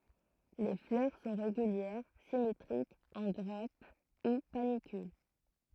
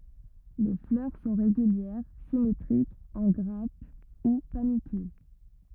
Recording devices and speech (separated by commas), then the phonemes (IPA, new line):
throat microphone, rigid in-ear microphone, read sentence
le flœʁ sɔ̃ ʁeɡyljɛʁ simetʁikz ɑ̃ ɡʁap u panikyl